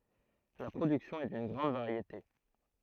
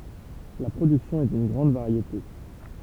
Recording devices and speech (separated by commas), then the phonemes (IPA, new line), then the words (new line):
throat microphone, temple vibration pickup, read sentence
la pʁodyksjɔ̃ ɛ dyn ɡʁɑ̃d vaʁjete
La production est d'une grande variété.